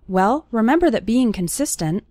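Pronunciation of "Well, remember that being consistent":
'Well, remember that being consistent' is said fast.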